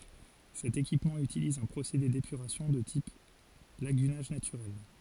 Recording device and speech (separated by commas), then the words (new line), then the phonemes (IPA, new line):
forehead accelerometer, read sentence
Cet équipement utilise un procédé d'épuration de type lagunage naturel.
sɛt ekipmɑ̃ ytiliz œ̃ pʁosede depyʁasjɔ̃ də tip laɡynaʒ natyʁɛl